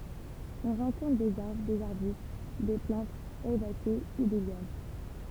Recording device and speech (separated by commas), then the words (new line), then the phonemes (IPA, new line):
temple vibration pickup, read sentence
On rencontre des arbres, des arbustes, des plantes herbacées ou des lianes.
ɔ̃ ʁɑ̃kɔ̃tʁ dez aʁbʁ dez aʁbyst de plɑ̃tz ɛʁbase u de ljan